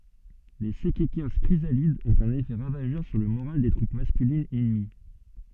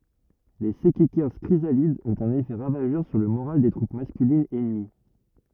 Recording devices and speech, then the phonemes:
soft in-ear microphone, rigid in-ear microphone, read sentence
le sɛkɛkɛʁs kʁizalidz ɔ̃t œ̃n efɛ ʁavaʒœʁ syʁ lə moʁal de tʁup maskylinz ɛnəmi

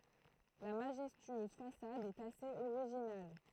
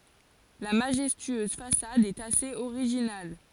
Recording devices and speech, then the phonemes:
throat microphone, forehead accelerometer, read sentence
la maʒɛstyøz fasad ɛt asez oʁiʒinal

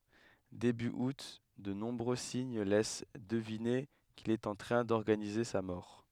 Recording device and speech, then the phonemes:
headset microphone, read sentence
deby ut də nɔ̃bʁø siɲ lɛs dəvine kil ɛt ɑ̃ tʁɛ̃ dɔʁɡanize sa mɔʁ

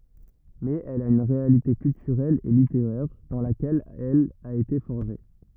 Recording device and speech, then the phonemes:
rigid in-ear microphone, read sentence
mɛz ɛl a yn ʁealite kyltyʁɛl e liteʁɛʁ dɑ̃ lakɛl ɛl a ete fɔʁʒe

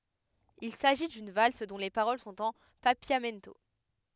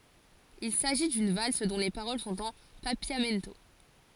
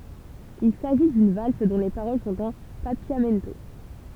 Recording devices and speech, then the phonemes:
headset microphone, forehead accelerometer, temple vibration pickup, read sentence
il saʒi dyn vals dɔ̃ le paʁol sɔ̃t ɑ̃ papjamɛnto

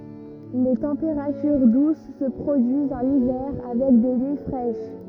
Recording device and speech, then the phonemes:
rigid in-ear microphone, read sentence
le tɑ̃peʁatyʁ dus sə pʁodyizt ɑ̃n ivɛʁ avɛk de nyi fʁɛʃ

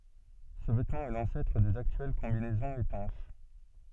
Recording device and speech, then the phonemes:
soft in-ear microphone, read sentence
sə vɛtmɑ̃ ɛ lɑ̃sɛtʁ dez aktyɛl kɔ̃binɛzɔ̃z etɑ̃ʃ

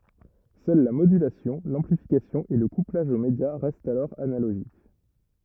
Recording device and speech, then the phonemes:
rigid in-ear microphone, read sentence
sœl la modylasjɔ̃ lɑ̃plifikasjɔ̃ e lə kuplaʒ o medja ʁɛstt alɔʁ analoʒik

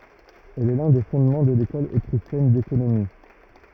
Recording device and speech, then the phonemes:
rigid in-ear microphone, read sentence
ɛl ɛ lœ̃ de fɔ̃dmɑ̃ də lekɔl otʁiʃjɛn dekonomi

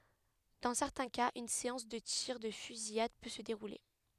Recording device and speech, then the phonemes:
headset microphone, read sentence
dɑ̃ sɛʁtɛ̃ kaz yn seɑ̃s də tiʁ də fyzijad pø sə deʁule

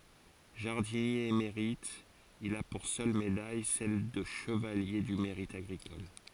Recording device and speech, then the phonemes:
forehead accelerometer, read sentence
ʒaʁdinje emeʁit il a puʁ sœl medaj sɛl də ʃəvalje dy meʁit aɡʁikɔl

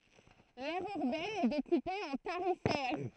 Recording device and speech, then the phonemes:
throat microphone, read sentence
lɛʁ yʁbɛn ɛ dekupe ɑ̃ taʁifɛʁ

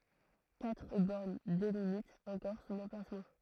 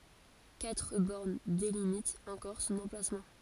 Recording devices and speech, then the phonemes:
throat microphone, forehead accelerometer, read sentence
katʁ bɔʁn delimitt ɑ̃kɔʁ sɔ̃n ɑ̃plasmɑ̃

